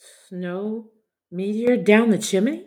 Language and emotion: English, fearful